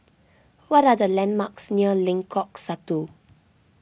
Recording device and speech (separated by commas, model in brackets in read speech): boundary microphone (BM630), read sentence